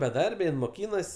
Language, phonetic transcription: Lithuanian, beˈdarbe jin moˈkynas

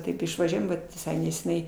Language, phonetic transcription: Lithuanian, ˈtaip išvaˈžiuojam ˈvat viˈsai neseˈniai

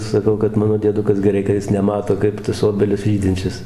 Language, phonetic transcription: Lithuanian, saˈkau kad ˈmano dieˈdukas geˈrai ka ˈjis neˈmato ˈkaip tas ˈobelis ˈžydinčias

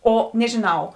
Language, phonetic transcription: Lithuanian, ˈo nežiˈnau

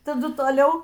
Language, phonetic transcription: Lithuanian, taˈdu toˈliau

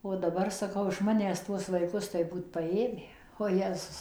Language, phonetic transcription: Lithuanian, o daˈbar saˈkau iš ˈmanęs ˈtuos vaiˈkus tai ˈbūt paˈėmę oˈjezus

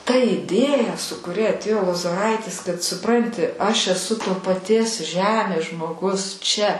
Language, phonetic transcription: Lithuanian, ta iˈdėja su kuˈria atˈėjo lozoˈraitis kad suˈpranti aš eˈsu to paˈties ˈžemės žmoˈgus čia

